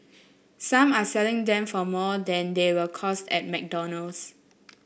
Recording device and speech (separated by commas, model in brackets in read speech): boundary microphone (BM630), read sentence